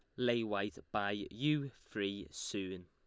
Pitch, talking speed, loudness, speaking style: 100 Hz, 135 wpm, -38 LUFS, Lombard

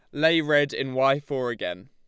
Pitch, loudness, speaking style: 135 Hz, -24 LUFS, Lombard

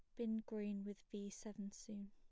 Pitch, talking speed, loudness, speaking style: 210 Hz, 190 wpm, -48 LUFS, plain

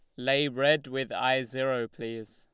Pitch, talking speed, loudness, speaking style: 130 Hz, 170 wpm, -28 LUFS, Lombard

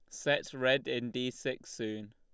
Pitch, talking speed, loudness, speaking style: 120 Hz, 185 wpm, -34 LUFS, Lombard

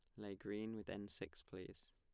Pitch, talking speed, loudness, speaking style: 105 Hz, 210 wpm, -50 LUFS, plain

